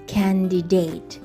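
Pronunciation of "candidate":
'Candidate' is pronounced incorrectly here, in a common mispronunciation.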